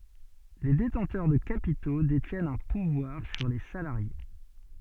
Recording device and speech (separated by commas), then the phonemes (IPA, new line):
soft in-ear microphone, read sentence
le detɑ̃tœʁ də kapito detjɛnt œ̃ puvwaʁ syʁ le salaʁje